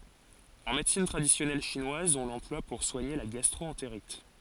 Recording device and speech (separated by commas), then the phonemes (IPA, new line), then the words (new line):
forehead accelerometer, read sentence
ɑ̃ medəsin tʁadisjɔnɛl ʃinwaz ɔ̃ lɑ̃plwa puʁ swaɲe la ɡastʁoɑ̃teʁit
En médecine traditionnelle chinoise, on l'emploie pour soigner la gastro-entérite.